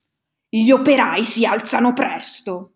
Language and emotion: Italian, angry